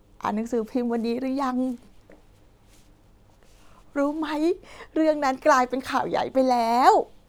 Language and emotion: Thai, happy